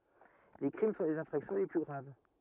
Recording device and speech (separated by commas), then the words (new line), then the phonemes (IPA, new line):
rigid in-ear microphone, read sentence
Les crimes sont les infractions les plus graves.
le kʁim sɔ̃ lez ɛ̃fʁaksjɔ̃ le ply ɡʁav